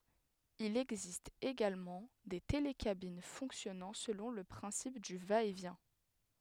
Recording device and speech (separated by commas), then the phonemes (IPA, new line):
headset microphone, read sentence
il ɛɡzist eɡalmɑ̃ de telekabin fɔ̃ksjɔnɑ̃ səlɔ̃ lə pʁɛ̃sip dy vaɛtvjɛ̃